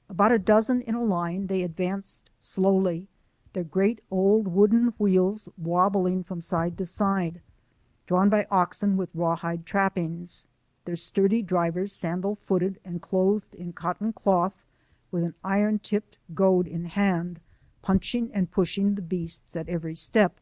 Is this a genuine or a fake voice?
genuine